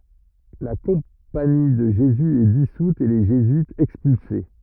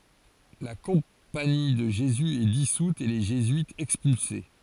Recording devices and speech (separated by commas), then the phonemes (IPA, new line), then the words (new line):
rigid in-ear microphone, forehead accelerometer, read sentence
la kɔ̃pani də ʒezy ɛ disut e le ʒezyitz ɛkspylse
La Compagnie de Jésus est dissoute et les jésuites expulsés.